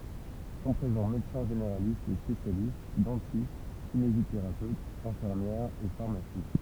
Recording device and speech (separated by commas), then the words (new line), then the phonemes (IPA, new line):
temple vibration pickup, read sentence
Sont présents médecins généralistes et spécialistes, dentistes, kinésithérapeutes, infirmières et pharmacies.
sɔ̃ pʁezɑ̃ medəsɛ̃ ʒeneʁalistz e spesjalist dɑ̃tist kineziteʁapøtz ɛ̃fiʁmjɛʁz e faʁmasi